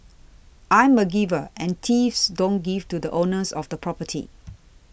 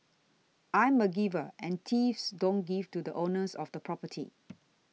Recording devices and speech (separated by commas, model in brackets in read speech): boundary microphone (BM630), mobile phone (iPhone 6), read sentence